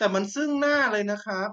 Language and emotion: Thai, frustrated